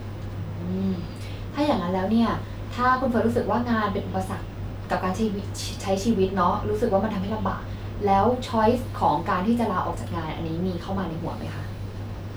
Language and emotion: Thai, neutral